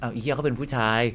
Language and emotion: Thai, frustrated